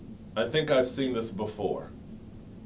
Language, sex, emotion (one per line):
English
male
neutral